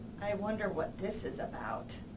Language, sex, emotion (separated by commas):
English, female, disgusted